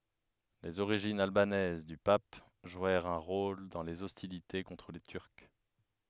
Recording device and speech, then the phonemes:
headset microphone, read sentence
lez oʁiʒinz albanɛz dy pap ʒwɛʁt œ̃ ʁol dɑ̃ lez ɔstilite kɔ̃tʁ le tyʁk

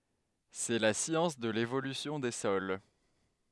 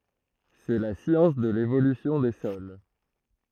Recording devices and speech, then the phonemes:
headset microphone, throat microphone, read sentence
sɛ la sjɑ̃s də levolysjɔ̃ de sɔl

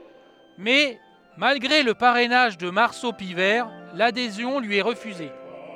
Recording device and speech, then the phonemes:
headset microphone, read sentence
mɛ malɡʁe lə paʁɛnaʒ də maʁso pivɛʁ ladezjɔ̃ lyi ɛ ʁəfyze

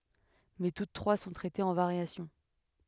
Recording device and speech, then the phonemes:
headset microphone, read sentence
mɛ tut tʁwa sɔ̃ tʁɛtez ɑ̃ vaʁjasjɔ̃

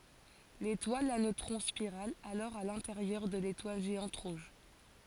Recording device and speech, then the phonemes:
forehead accelerometer, read sentence
letwal a nøtʁɔ̃ spiʁal alɔʁ a lɛ̃teʁjœʁ də letwal ʒeɑ̃t ʁuʒ

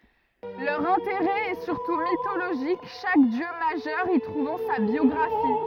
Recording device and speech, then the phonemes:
rigid in-ear microphone, read sentence
lœʁ ɛ̃teʁɛ ɛ syʁtu mitoloʒik ʃak djø maʒœʁ i tʁuvɑ̃ sa bjɔɡʁafi

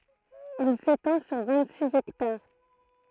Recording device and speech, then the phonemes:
throat microphone, read sentence
il setɑ̃ syʁ vɛ̃t siz ɛktaʁ

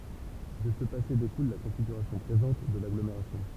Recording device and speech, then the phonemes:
temple vibration pickup, read sentence
də sə pase dekul la kɔ̃fiɡyʁasjɔ̃ pʁezɑ̃t də laɡlomeʁasjɔ̃

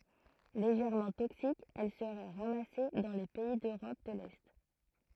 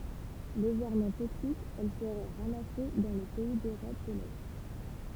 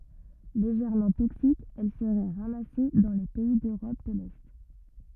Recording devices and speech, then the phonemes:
throat microphone, temple vibration pickup, rigid in-ear microphone, read sentence
leʒɛʁmɑ̃ toksik ɛl səʁɛ ʁamase dɑ̃ le pɛi døʁɔp də lɛ

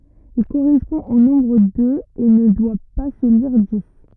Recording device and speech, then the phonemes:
rigid in-ear microphone, read sentence
il koʁɛspɔ̃ o nɔ̃bʁ døz e nə dwa pa sə liʁ dis

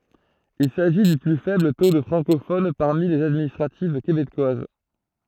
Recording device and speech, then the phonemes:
throat microphone, read sentence
il saʒi dy ply fɛbl to də fʁɑ̃kofon paʁmi lez administʁativ kebekwaz

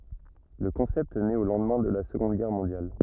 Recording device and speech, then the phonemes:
rigid in-ear microphone, read sentence
lə kɔ̃sɛpt nɛt o lɑ̃dmɛ̃ də la səɡɔ̃d ɡɛʁ mɔ̃djal

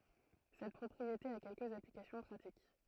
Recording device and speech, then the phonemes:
throat microphone, read sentence
sɛt pʁɔpʁiete a kɛlkəz aplikasjɔ̃ pʁatik

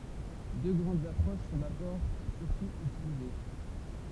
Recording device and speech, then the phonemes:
temple vibration pickup, read sentence
dø ɡʁɑ̃dz apʁoʃ sɔ̃ dabɔʁ syʁtu ytilize

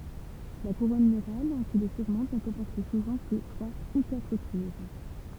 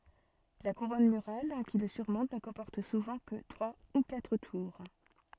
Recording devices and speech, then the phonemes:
temple vibration pickup, soft in-ear microphone, read sentence
la kuʁɔn myʁal ki lə syʁmɔ̃t nə kɔ̃pɔʁt suvɑ̃ kə tʁwa u katʁ tuʁ

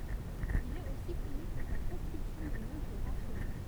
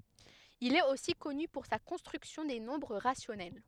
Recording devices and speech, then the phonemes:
temple vibration pickup, headset microphone, read sentence
il ɛt osi kɔny puʁ sa kɔ̃stʁyksjɔ̃ de nɔ̃bʁ ʁasjɔnɛl

